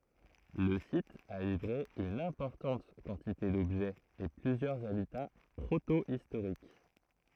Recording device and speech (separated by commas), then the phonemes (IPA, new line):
throat microphone, read sentence
lə sit a livʁe yn ɛ̃pɔʁtɑ̃t kɑ̃tite dɔbʒɛz e plyzjœʁz abita pʁotoistoʁik